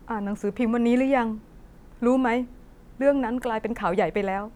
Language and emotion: Thai, sad